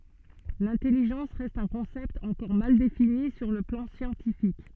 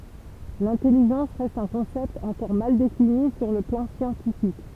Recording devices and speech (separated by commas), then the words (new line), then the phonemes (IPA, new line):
soft in-ear microphone, temple vibration pickup, read sentence
L'intelligence reste un concept encore mal défini sur le plan scientifique.
lɛ̃tɛliʒɑ̃s ʁɛst œ̃ kɔ̃sɛpt ɑ̃kɔʁ mal defini syʁ lə plɑ̃ sjɑ̃tifik